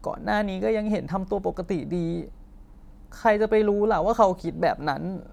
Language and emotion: Thai, sad